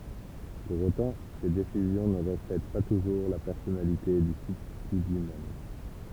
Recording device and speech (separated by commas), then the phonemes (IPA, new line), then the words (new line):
temple vibration pickup, read sentence
puʁ otɑ̃ se desizjɔ̃ nə ʁəflɛt pa tuʒuʁ la pɛʁsɔnalite dy sybstity lyi mɛm
Pour autant, ces décisions ne reflètent pas toujours la personnalité du substitut lui-même.